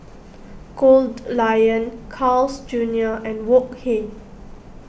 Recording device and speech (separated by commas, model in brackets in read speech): boundary microphone (BM630), read sentence